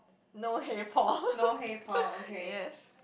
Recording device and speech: boundary microphone, conversation in the same room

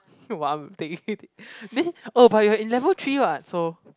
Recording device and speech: close-talking microphone, conversation in the same room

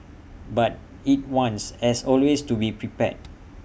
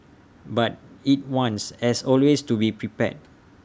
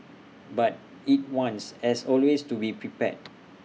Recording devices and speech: boundary microphone (BM630), standing microphone (AKG C214), mobile phone (iPhone 6), read sentence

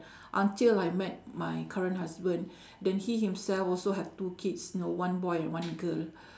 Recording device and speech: standing microphone, conversation in separate rooms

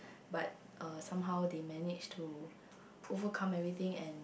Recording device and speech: boundary microphone, conversation in the same room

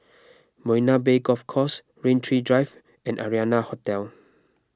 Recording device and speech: close-talking microphone (WH20), read sentence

